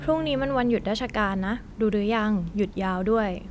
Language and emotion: Thai, neutral